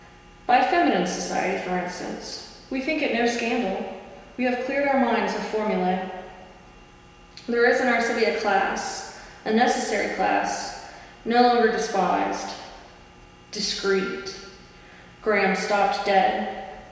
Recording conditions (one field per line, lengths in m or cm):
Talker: one person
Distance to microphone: 1.7 m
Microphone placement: close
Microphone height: 1.0 m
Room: very reverberant, large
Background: none